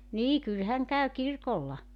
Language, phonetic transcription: Finnish, 'nii 'kyl häŋ käy "kirkolla .
- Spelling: niin kyllä hän käy kirkolla

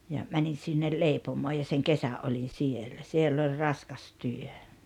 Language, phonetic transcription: Finnish, ja , 'mänin̬ sinnel "leipomoo ja seŋ "kesä’ ’oĺin̬ 'sielä , 'siell ‿ol "raskas "työ .
- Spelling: ja menin sinne leipomoon ja sen kesän olin siellä siellä oli raskas työ

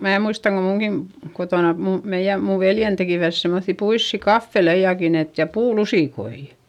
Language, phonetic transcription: Finnish, mää muistaŋ ko muŋGin , kotòna , mu- , meiʲä , muv veljen tekìvät semmoϑϑi puissi "kaffe"lejakin ‿et , ja "puu"lusìkoi .
- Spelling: minä muistan kun minunkin kotona - meidän minun veljeni tekivät semmoisia puisia kahveleitakin että ja puulusikoita

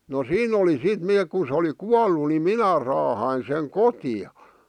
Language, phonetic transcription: Finnish, no "siin ‿oli 'sit 'neek kun̬ sᵉ oli "kuallu ni "minä raahain seŋ 'koti₍a .
- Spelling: no siinä oli sitten ne kun se oli kuollut niin minä raahasin sen kotiin

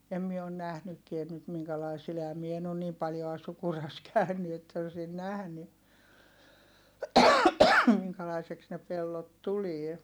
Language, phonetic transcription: Finnish, em mie on nähnykkien nyt miŋkälai sil ehäm mie en ‿on niim paljoa Sukuras kä̀yny että osin nähny , miŋkälaiseks ne pellot tulie .
- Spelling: en minä ole nähnytkään nyt minkälainen sillä enhän minä en ole niin paljoa Sukurassa käynyt että olisin nähnyt minkälaiseksi ne pellot tulee

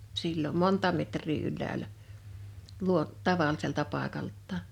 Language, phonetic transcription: Finnish, sillom "monta 'metr̀ii ylläälä , 'luo- , "tavalliselta 'pàekalttaa(n) .
- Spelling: silloin monta metriä ylhäällä - tavalliselta paikaltaan

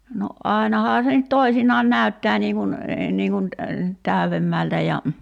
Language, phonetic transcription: Finnish, no "’ài̬nahaa se nyt "toisinaan "nä̀y̬ttää nii kun , 'niiŋ kun (ny)t 'tä̀y̬vemmältä ja ,.
- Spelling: no ainahan se nyt toisinaan näyttää niin kuin niin kuin nyt täydemmältä ja

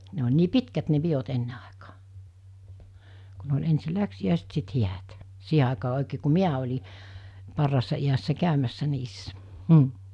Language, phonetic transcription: Finnish, ne oĺ nii "pitkät ne 'piot 'enne àekᴀᴀ , ku ne oĺ 'ensi "läksi₍ä̀iset sit 'hiät , 'siiɦe àekaa oekee ku "miä oĺi , 'parraassa iässä 'käymässä 'niissä , m̥ .
- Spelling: ne oli niin pitkät ne pidot ennen aikaan kun ne oli ensin läksiäiset sitten häät siihen aikaan oikein kun minä olin parhaassa iässä käymässä niissä mm

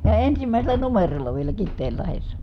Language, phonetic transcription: Finnish, ja ensimä̀i̮sel̀ä numerolla vielä Kitteellahessa .
- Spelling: ja ensimmäisellä numerolla vielä Kiteenlahdessa

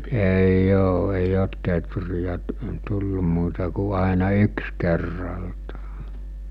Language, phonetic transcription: Finnish, èi'j ‿oo èi'j ‿oot tetrijä tu- , tullu muuta ku àena 'yks kerraltᴀᴀ .
- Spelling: ei ole ei ole teeriä - tullut muuta kuin aina yksi kerrallaan

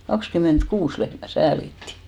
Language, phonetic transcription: Finnish, 'kakskym̆ment'kuus lehmä "säälitti .
- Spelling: kaksikymmentäkuusi lehmää säälittiin

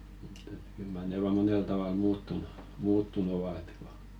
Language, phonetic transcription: Finnish, ᵉᵗ˘ᵉᵗ kyl mar ne 'vaa 'monel 'taval "muuttunu , 'muuttun ‿ova et ko .
- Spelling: että kyllä mar ne vain monella tavalla muuttunut muuttunut ovat että kun

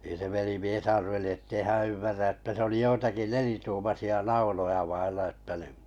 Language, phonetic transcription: Finnish, niⁿ se 'velimies 'arveli ettei 'hää̰ ymmärrä että se oli 'joitaki "nelituumasi₍a 'nauloja vailla ᵉttä ni ,.
- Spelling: niin se velimies arveli että ei hän ymmärrä että se oli joitakin nelituumaisia nauloja vailla että niin

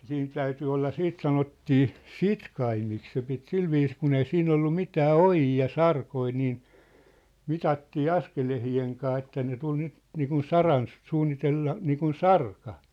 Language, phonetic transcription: Finnish, 'siin 'täyty olla "siit 'sanottii , "sitkaimik se pit "silviis kun ‿ei "siin ‿ollu "mitää "ojii ja "sarkoi nii , 'mitattii "askelehi₍eŋ kaa että ne tul 'nyt , niikun "saran , 'suunnitella , 'niikun "sarka .
- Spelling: siinä täytyi olla sitten sanottiin sitkaimiksi se piti sillä viisiin kun ei siinä ollut mitään ojia ja sarkoja niin mitattiin askelten kanssa että ne tuli nyt niin kuin saran suunnitella niin kuin sarka

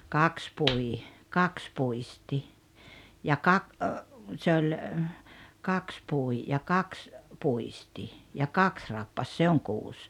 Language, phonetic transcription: Finnish, kaks 'pui , "kaks 'puisti , ja 'kak- , se oĺ , 'kaks 'pui , ja 'kaks , 'puisti , ja "kaks 'rappas 'se oŋ "kuus .
- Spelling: kaksi pui kaksi puisti ja - se oli kaksi pui ja kaksi puisti ja kaksi rappasi se on kuusi

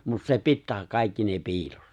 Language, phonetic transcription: Finnish, 'mut se 'pittää 'kàikki ne 'pi̬ilossa .
- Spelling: mutta se pitää kaikki ne piilossa

